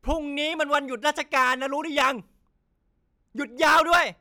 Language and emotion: Thai, angry